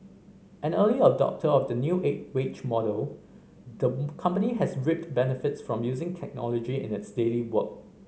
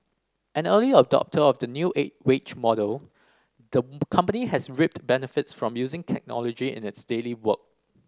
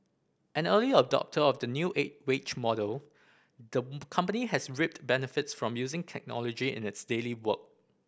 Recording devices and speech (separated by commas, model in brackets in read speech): mobile phone (Samsung C5010), standing microphone (AKG C214), boundary microphone (BM630), read sentence